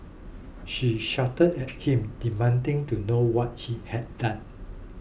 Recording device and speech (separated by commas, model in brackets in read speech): boundary microphone (BM630), read sentence